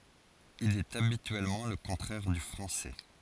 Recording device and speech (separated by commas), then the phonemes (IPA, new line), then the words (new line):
forehead accelerometer, read sentence
il ɛt abityɛlmɑ̃ lə kɔ̃tʁɛʁ dy fʁɑ̃sɛ
Il est habituellement le contraire du français.